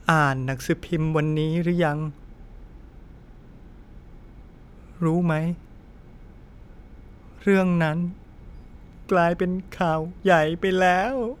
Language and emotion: Thai, sad